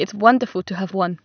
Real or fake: real